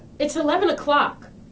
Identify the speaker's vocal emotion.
angry